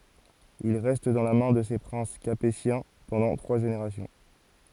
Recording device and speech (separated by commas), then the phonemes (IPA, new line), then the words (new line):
forehead accelerometer, read sentence
il ʁɛst dɑ̃ la mɛ̃ də se pʁɛ̃s kapetjɛ̃ pɑ̃dɑ̃ tʁwa ʒeneʁasjɔ̃
Il reste dans la main de ces princes capétiens pendant trois générations.